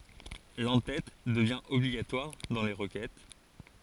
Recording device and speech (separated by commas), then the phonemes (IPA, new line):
forehead accelerometer, read sentence
lɑ̃tɛt dəvjɛ̃ ɔbliɡatwaʁ dɑ̃ le ʁəkɛt